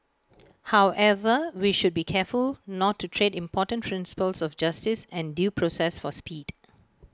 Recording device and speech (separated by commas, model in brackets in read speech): close-talking microphone (WH20), read sentence